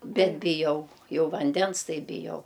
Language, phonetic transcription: Lithuanian, ˈbet biˈjau ˈjau vanˈdens ˈtai biˈjau

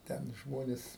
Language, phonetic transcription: Lithuanian, ˈten ˈžmonės

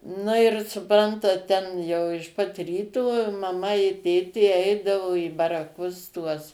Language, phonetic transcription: Lithuanian, ˈnu ir suˈprantat ˈten jau iš pat ˈryto maˈma i ˈtėtė ˈeidavo į baraˈkus tuos

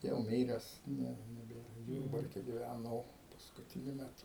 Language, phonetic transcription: Lithuanian, jau ˈmyres ˈne neˈbėra ˈjurbarke giˈvæno paskutiˈniu meˈtu

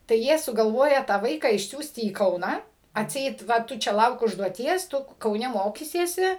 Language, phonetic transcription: Lithuanian, tai ˈjie sugalˈvoja tą ˈvaiką išˈsiųsti į ˈkauną atˈseit ˈva ˈtu ˈčia ˈlauk užduoˈties ˈtu kauˈne ˈmokysiesi

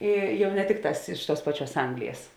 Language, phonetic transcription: Lithuanian, ˈi ˈjau ne ˈtikˌtās ˈiš ˌtuos ˈpaˌčiuos ˈanglijas

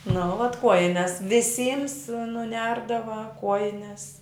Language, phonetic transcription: Lithuanian, nu vat ˈkuojines viˈsyms nuˈnerdava ˈkuojines

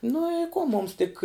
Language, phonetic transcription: Lithuanian, nu i ˈko ˈmums tik

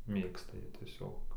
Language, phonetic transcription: Lithuanian, ˈmėgsta ˈjie tieˈsiog

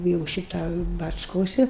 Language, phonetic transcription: Lithuanian, jau ˈšita bačˈkosi

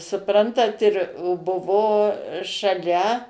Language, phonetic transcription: Lithuanian, suˈprantat ir o ˈbuvo šaˈlia

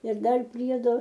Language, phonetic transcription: Lithuanian, ir ˈdar ˈpriedo

